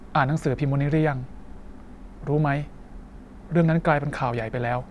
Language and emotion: Thai, neutral